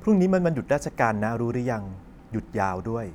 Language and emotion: Thai, neutral